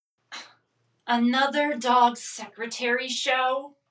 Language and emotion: English, disgusted